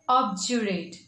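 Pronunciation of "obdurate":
'obdurate' is pronounced the British English way, with a j sound.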